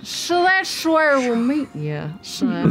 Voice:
drawls